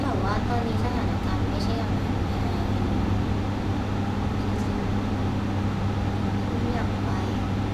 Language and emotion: Thai, frustrated